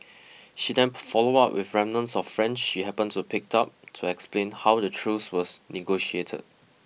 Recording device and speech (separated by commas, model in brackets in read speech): mobile phone (iPhone 6), read sentence